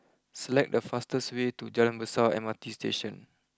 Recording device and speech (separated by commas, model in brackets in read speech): close-talking microphone (WH20), read sentence